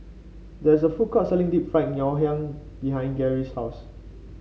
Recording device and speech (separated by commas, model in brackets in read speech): mobile phone (Samsung C5), read sentence